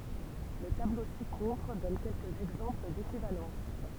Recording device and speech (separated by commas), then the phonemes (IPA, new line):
temple vibration pickup, read sentence
lə tablo si kɔ̃tʁ dɔn kɛlkəz ɛɡzɑ̃pl dekivalɑ̃s